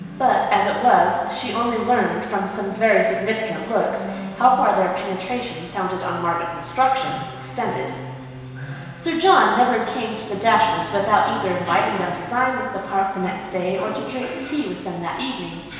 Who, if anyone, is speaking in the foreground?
One person.